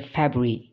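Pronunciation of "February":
'February' is said in its everyday fast-speech form, with two or three sounds dropped.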